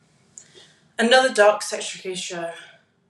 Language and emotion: English, neutral